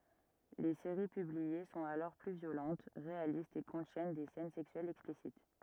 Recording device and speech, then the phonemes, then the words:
rigid in-ear microphone, read sentence
le seʁi pyblie sɔ̃t alɔʁ ply vjolɑ̃t ʁealistz e kɔ̃tjɛn de sɛn sɛksyɛlz ɛksplisit
Les séries publiées sont alors plus violentes, réalistes et contiennent des scènes sexuelles explicites.

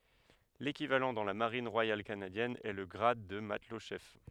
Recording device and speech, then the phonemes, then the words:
headset microphone, read sentence
lekivalɑ̃ dɑ̃ la maʁin ʁwajal kanadjɛn ɛ lə ɡʁad də matlɔtʃɛf
L'équivalent dans la Marine royale canadienne est le grade de matelot-chef.

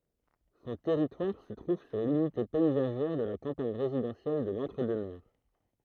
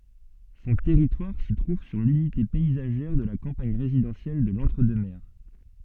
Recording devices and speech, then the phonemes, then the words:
throat microphone, soft in-ear microphone, read sentence
sɔ̃ tɛʁitwaʁ sə tʁuv syʁ lynite pɛizaʒɛʁ də la kɑ̃paɲ ʁezidɑ̃sjɛl də lɑ̃tʁ dø mɛʁ
Son territoire se trouve sur l'unité paysagère de la campagne résidentielle de l'Entre-Deux-Mers.

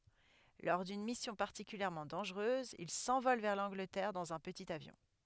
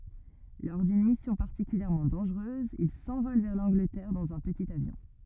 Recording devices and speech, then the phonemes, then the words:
headset microphone, rigid in-ear microphone, read sentence
lɔʁ dyn misjɔ̃ paʁtikyljɛʁmɑ̃ dɑ̃ʒʁøz il sɑ̃vɔl vɛʁ lɑ̃ɡlətɛʁ dɑ̃z œ̃ pətit avjɔ̃
Lors d'une mission particulièrement dangereuse, il s'envole vers l'Angleterre dans un petit avion.

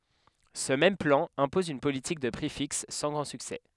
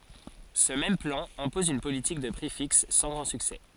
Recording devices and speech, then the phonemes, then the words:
headset microphone, forehead accelerometer, read sentence
sə mɛm plɑ̃ ɛ̃pɔz yn politik də pʁi fiks sɑ̃ ɡʁɑ̃ syksɛ
Ce même plan, impose une politique de prix fixe, sans grand succès.

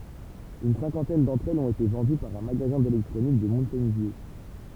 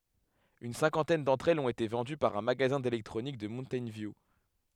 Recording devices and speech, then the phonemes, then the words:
temple vibration pickup, headset microphone, read sentence
yn sɛ̃kɑ̃tɛn dɑ̃tʁ ɛlz ɔ̃t ete vɑ̃dy paʁ œ̃ maɡazɛ̃ delɛktʁonik də muntɛjn vju
Une cinquantaine d'entre elles ont été vendues par un magasin d'électronique de Mountain View.

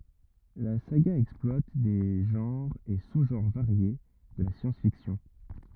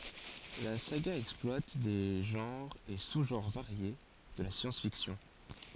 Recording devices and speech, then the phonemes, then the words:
rigid in-ear microphone, forehead accelerometer, read sentence
la saɡa ɛksplwat de ʒɑ̃ʁz e suzʒɑ̃ʁ vaʁje də la sjɑ̃sfiksjɔ̃
La saga exploite des genres et sous-genres variés de la science-fiction.

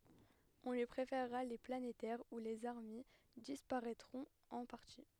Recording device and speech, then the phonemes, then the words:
headset microphone, read sentence
ɔ̃ lyi pʁefɛʁʁa le planetɛʁz u lez aʁmij dispaʁɛtʁɔ̃t ɑ̃ paʁti
On lui préfèrera les planétaires où les armilles disparaitront en partie.

